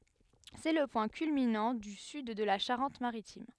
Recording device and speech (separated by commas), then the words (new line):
headset microphone, read sentence
C'est le point culminant du sud de la Charente-Maritime.